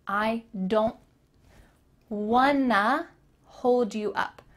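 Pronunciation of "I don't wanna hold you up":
In 'don't', the t is cut out, and 'want to' is linked together into 'wanna'.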